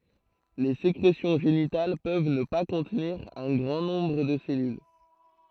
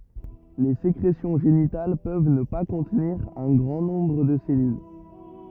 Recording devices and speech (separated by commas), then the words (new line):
throat microphone, rigid in-ear microphone, read sentence
Les sécrétions génitales peuvent ne pas contenir un grand nombre de ces cellules.